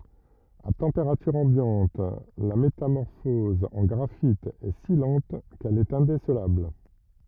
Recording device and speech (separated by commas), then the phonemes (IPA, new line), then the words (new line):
rigid in-ear microphone, read sentence
a tɑ̃peʁatyʁ ɑ̃bjɑ̃t la metamɔʁfɔz ɑ̃ ɡʁafit ɛ si lɑ̃t kɛl ɛt ɛ̃desəlabl
À température ambiante, la métamorphose en graphite est si lente qu'elle est indécelable.